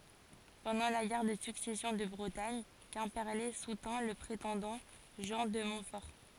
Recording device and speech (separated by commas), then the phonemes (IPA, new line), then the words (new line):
forehead accelerometer, read sentence
pɑ̃dɑ̃ la ɡɛʁ də syksɛsjɔ̃ də bʁətaɲ kɛ̃pɛʁle sutɛ̃ lə pʁetɑ̃dɑ̃ ʒɑ̃ də mɔ̃tfɔʁ
Pendant la guerre de Succession de Bretagne, Quimperlé soutint le prétendant Jean de Montfort.